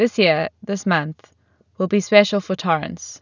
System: none